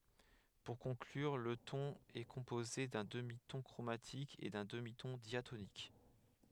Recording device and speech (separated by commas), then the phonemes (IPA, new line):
headset microphone, read sentence
puʁ kɔ̃klyʁ lə tɔ̃n ɛ kɔ̃poze dœ̃ dəmitɔ̃ kʁomatik e dœ̃ dəmitɔ̃ djatonik